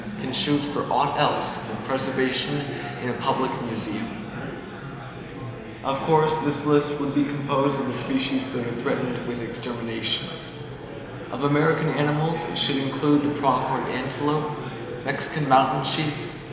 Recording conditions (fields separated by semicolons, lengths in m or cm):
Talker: one person; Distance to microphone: 1.7 m; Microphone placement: close; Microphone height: 1.0 m; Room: very reverberant, large; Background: babble